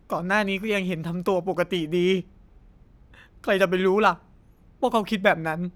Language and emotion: Thai, sad